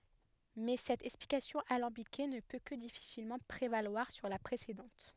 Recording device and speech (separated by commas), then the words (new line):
headset microphone, read sentence
Mais cette explication alambiquée ne peut que difficilement prévaloir sur la précédente.